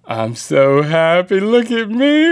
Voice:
silly voice